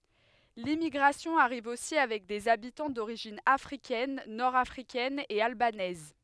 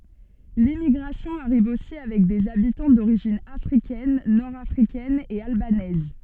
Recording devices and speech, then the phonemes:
headset microphone, soft in-ear microphone, read sentence
limmiɡʁasjɔ̃ aʁiv osi avɛk dez abitɑ̃ doʁiʒin afʁikɛn nɔʁ afʁikɛn e albanɛz

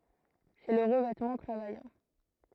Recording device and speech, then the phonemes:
throat microphone, read sentence
sɛ lə ʁəvɛtmɑ̃ tʁavajɑ̃

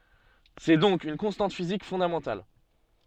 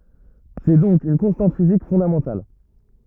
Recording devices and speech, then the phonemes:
soft in-ear microphone, rigid in-ear microphone, read sentence
sɛ dɔ̃k yn kɔ̃stɑ̃t fizik fɔ̃damɑ̃tal

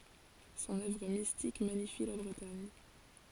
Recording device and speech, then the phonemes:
forehead accelerometer, read sentence
sɔ̃n œvʁ mistik maɲifi la bʁətaɲ

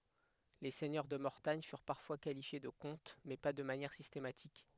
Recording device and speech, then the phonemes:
headset microphone, read sentence
le sɛɲœʁ də mɔʁtaɲ fyʁ paʁfwa kalifje də kɔ̃t mɛ pa də manjɛʁ sistematik

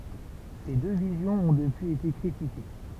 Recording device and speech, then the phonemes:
temple vibration pickup, read sentence
se dø vizjɔ̃z ɔ̃ dəpyiz ete kʁitike

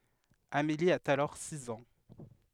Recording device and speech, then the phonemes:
headset microphone, read sentence
ameli a alɔʁ siz ɑ̃

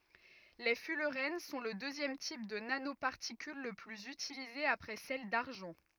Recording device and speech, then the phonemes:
rigid in-ear microphone, read sentence
le fylʁɛn sɔ̃ lə døzjɛm tip də nanopaʁtikyl lə plyz ytilize apʁɛ sɛl daʁʒɑ̃

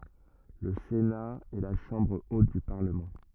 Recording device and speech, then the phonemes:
rigid in-ear microphone, read sentence
lə sena ɛ la ʃɑ̃bʁ ot dy paʁləmɑ̃

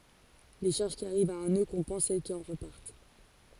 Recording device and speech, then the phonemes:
forehead accelerometer, read sentence
le ʃaʁʒ ki aʁivt a œ̃ nø kɔ̃pɑ̃s sɛl ki ɑ̃ ʁəpaʁt

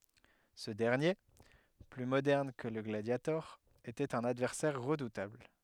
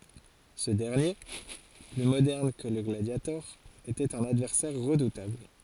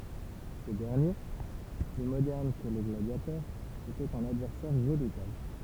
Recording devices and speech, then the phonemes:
headset microphone, forehead accelerometer, temple vibration pickup, read sentence
sə dɛʁnje ply modɛʁn kə lə ɡladjatɔʁ etɛt œ̃n advɛʁsɛʁ ʁədutabl

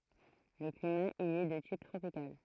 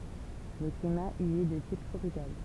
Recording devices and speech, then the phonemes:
throat microphone, temple vibration pickup, read sentence
lə klima i ɛ də tip tʁopikal

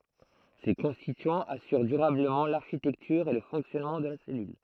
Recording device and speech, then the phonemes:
throat microphone, read sentence
se kɔ̃stityɑ̃z asyʁ dyʁabləmɑ̃ laʁʃitɛktyʁ e lə fɔ̃ksjɔnmɑ̃ də la sɛlyl

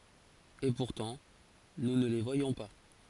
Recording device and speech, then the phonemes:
forehead accelerometer, read sentence
e puʁtɑ̃ nu nə le vwajɔ̃ pa

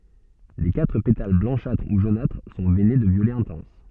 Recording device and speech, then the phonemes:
soft in-ear microphone, read sentence
le katʁ petal blɑ̃ʃatʁ u ʒonatʁ sɔ̃ vɛne də vjolɛ ɛ̃tɑ̃s

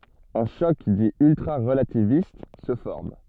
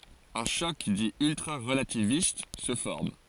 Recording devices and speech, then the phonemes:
soft in-ear microphone, forehead accelerometer, read sentence
œ̃ ʃɔk di yltʁaʁəlativist sə fɔʁm

